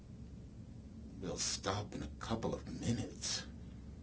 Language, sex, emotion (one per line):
English
male
disgusted